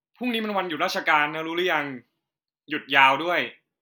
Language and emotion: Thai, neutral